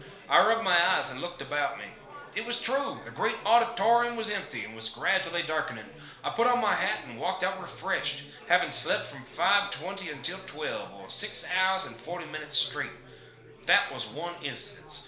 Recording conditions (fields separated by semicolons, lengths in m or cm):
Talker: one person; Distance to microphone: 1.0 m; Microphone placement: close; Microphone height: 1.1 m; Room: small (3.7 m by 2.7 m); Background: babble